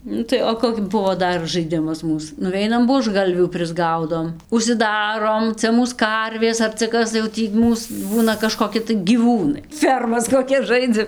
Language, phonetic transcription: Lithuanian, ˈnu tai o ˈkok' ˈbuvo ˈdar žaiˈdimas ˈmūs nuˈveinam buožˈgalvių prisˈgaudom užsiˈdarom ˈcia ˈmūs ˈkarvės ar cia ˈkas tai jau ˈtį ˈmūs ˈbūna kažkoˈki tai gyˈvūnai ˈfermas koˈkias ˈžaidzam

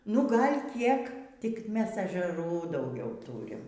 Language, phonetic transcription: Lithuanian, nu ˈgal' ˈkiek tik ˈmes ežeˈrų dauˈgiau ˈtūrim

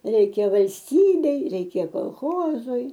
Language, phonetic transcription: Lithuanian, ˈreikia valsˈtybei ˈreikia kolˈchozui

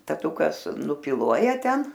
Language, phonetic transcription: Lithuanian, taˈtukas nupiˈluoja ˈten

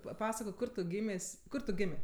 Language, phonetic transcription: Lithuanian, paˈpasakok ˈkur tu ˈgymės' ˈkur tu ˈgimė

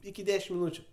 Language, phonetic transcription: Lithuanian, iki ˈdešim miˈnūčiu

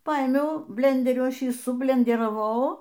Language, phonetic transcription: Lithuanian, ˈpaėmiau ˈblenderiu ˈaš ˈjį sublenderaˈvau

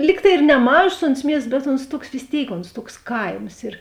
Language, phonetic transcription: Lithuanian, ˈlyg tai ir neˈmažos ons ˈmiests bet ons ˈtuoks vis ˈtėik onsˈtuoks ˈkaims ir

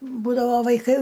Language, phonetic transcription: Lithuanian, ˈbūdavo vaiˈkai

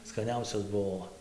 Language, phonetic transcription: Lithuanian, skaˈniausios ˈbuo

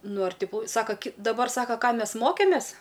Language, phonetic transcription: Lithuanian, ˈnu ar ˈti ˈkų ˈsaka daˈbar ˈsaka ˈką ˈmes ˈmokėmės

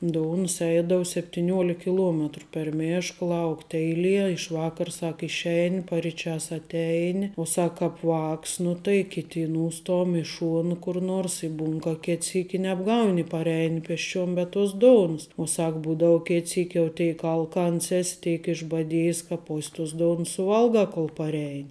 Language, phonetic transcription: Lithuanian, ˈdounus ˈeidau septiˈniuolik kiˈluometru per ˈmėšk ˈlaukt' ˈeiˌlie iš ˈvakar' ˈsak išˈeini pariˈčiās atˈeini u ˈsak ˈkāp ˈvāks nu tai ˈkiti i ˈnūstom i ˈšuonu kur ˈnuors i ˈbūn ka ˈket ˈsyk' i nebˈgauni parˈeini pesˈčiuom be tos ˈdounus u ˈsak ˈbūdau ˈket ˈsyk' jau ˈtėik ˈalkans ˈes' ˈtėik išbaˈdėjis ka ˈpos' tos ˈdounus suˈvalgā kol parˈein'

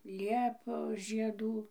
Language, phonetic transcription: Lithuanian, ˈliepos žieˈdų

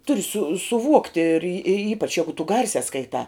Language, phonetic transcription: Lithuanian, ˈturi su suˈvuokti ir ir ir ˈypač ˈjegu tu ˈgarsiā skaiˈtā

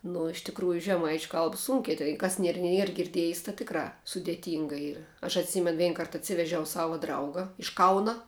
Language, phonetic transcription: Lithuanian, nu iš tikˈrųju žeˈmaičiu ˈkalb ˈsūnki tai ˈkas ˈnier ˈnier girˈdiejs tā ˈtikrā sudėˈtynga ˈyra aš atˈsymen ˈvein ˈkart atˈsivežiau ˈsava ˈdrauga iš ˈkauna

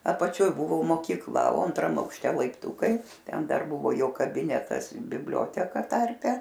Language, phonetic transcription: Lithuanian, apaˈčioj ˈbūvo mokykˈla o antˈram aukšˈte laipˈtūkai ˈten ˈdar ˈbūvo ˈjo kaˈbinetas bibˈlioteka ˈtarpe

